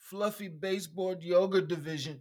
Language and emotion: English, sad